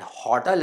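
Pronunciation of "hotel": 'Hotel' is pronounced incorrectly here.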